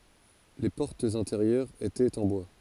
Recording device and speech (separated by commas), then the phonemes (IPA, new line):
forehead accelerometer, read sentence
le pɔʁtz ɛ̃teʁjœʁz etɛt ɑ̃ bwa